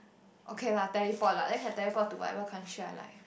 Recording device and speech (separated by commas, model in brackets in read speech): boundary microphone, conversation in the same room